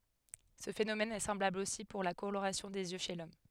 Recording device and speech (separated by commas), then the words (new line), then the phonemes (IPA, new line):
headset microphone, read sentence
Ce phénomène est semblable aussi pour la coloration des yeux chez l'homme.
sə fenomɛn ɛ sɑ̃blabl osi puʁ la koloʁasjɔ̃ dez jø ʃe lɔm